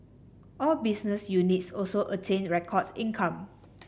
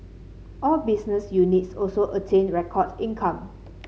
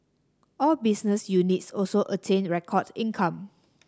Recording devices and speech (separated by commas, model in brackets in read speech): boundary microphone (BM630), mobile phone (Samsung C7), standing microphone (AKG C214), read sentence